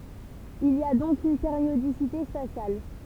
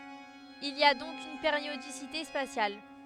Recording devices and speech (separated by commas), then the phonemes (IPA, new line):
temple vibration pickup, headset microphone, read sentence
il i a dɔ̃k yn peʁjodisite spasjal